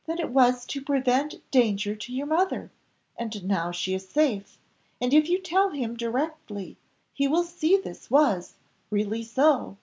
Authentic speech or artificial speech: authentic